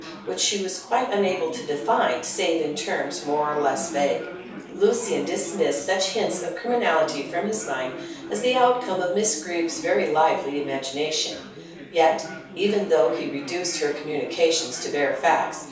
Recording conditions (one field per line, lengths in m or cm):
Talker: one person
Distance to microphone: 3.0 m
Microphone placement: far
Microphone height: 1.8 m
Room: small (3.7 m by 2.7 m)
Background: babble